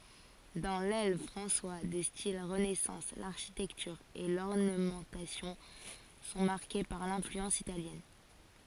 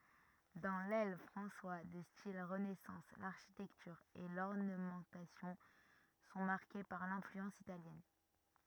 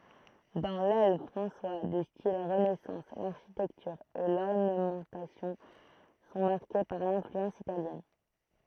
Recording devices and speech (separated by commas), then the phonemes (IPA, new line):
forehead accelerometer, rigid in-ear microphone, throat microphone, read sentence
dɑ̃ lɛl fʁɑ̃swa də stil ʁənɛsɑ̃s laʁʃitɛktyʁ e lɔʁnəmɑ̃tasjɔ̃ sɔ̃ maʁke paʁ lɛ̃flyɑ̃s italjɛn